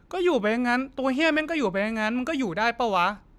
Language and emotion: Thai, frustrated